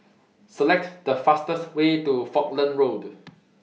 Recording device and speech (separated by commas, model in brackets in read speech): mobile phone (iPhone 6), read sentence